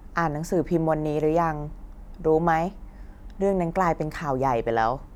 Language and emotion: Thai, neutral